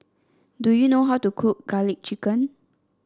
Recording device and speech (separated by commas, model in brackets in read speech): standing microphone (AKG C214), read sentence